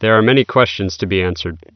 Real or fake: real